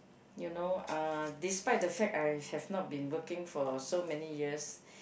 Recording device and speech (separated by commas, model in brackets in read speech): boundary microphone, conversation in the same room